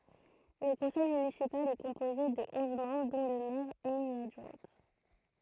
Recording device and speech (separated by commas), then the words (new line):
throat microphone, read sentence
Le conseil municipal est composé de onze membres dont le maire et une adjointe.